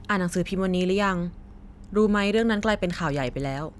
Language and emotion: Thai, neutral